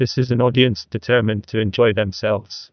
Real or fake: fake